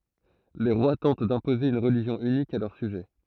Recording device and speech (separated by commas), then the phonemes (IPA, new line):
throat microphone, read sentence
le ʁwa tɑ̃t dɛ̃poze yn ʁəliʒjɔ̃ ynik a lœʁ syʒɛ